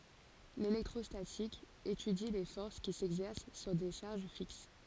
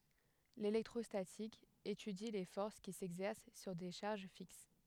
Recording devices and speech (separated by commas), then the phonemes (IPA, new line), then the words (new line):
forehead accelerometer, headset microphone, read sentence
lelɛktʁɔstatik etydi le fɔʁs ki sɛɡzɛʁs syʁ de ʃaʁʒ fiks
L'électrostatique étudie les forces qui s'exercent sur des charges fixes.